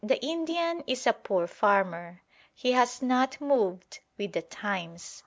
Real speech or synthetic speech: real